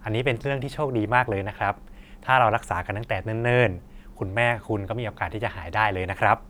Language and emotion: Thai, happy